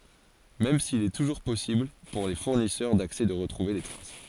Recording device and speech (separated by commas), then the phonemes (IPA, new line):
forehead accelerometer, read sentence
mɛm sil ɛ tuʒuʁ pɔsibl puʁ le fuʁnisœʁ daksɛ də ʁətʁuve le tʁas